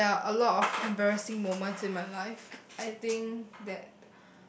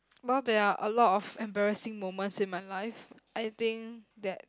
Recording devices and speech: boundary microphone, close-talking microphone, conversation in the same room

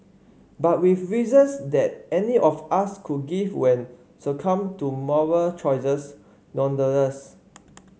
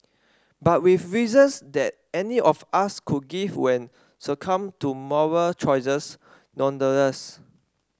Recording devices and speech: mobile phone (Samsung C5), standing microphone (AKG C214), read sentence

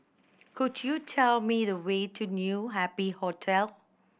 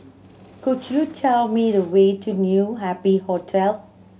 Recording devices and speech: boundary microphone (BM630), mobile phone (Samsung C7100), read sentence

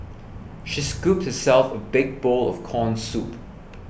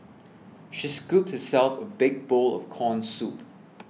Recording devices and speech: boundary microphone (BM630), mobile phone (iPhone 6), read sentence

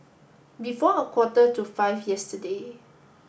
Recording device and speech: boundary microphone (BM630), read sentence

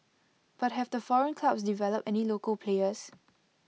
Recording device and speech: mobile phone (iPhone 6), read sentence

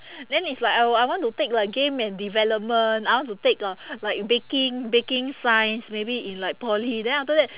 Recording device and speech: telephone, conversation in separate rooms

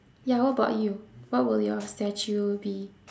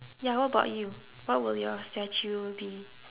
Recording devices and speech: standing microphone, telephone, conversation in separate rooms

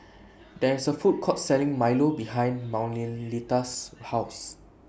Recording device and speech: boundary microphone (BM630), read sentence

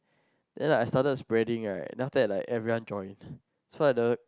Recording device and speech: close-talking microphone, conversation in the same room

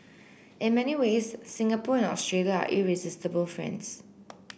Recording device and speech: boundary microphone (BM630), read sentence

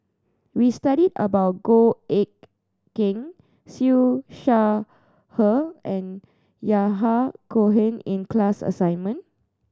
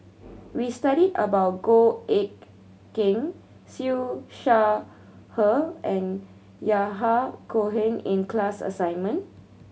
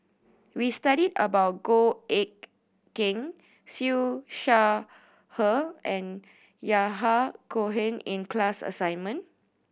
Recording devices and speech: standing microphone (AKG C214), mobile phone (Samsung C7100), boundary microphone (BM630), read sentence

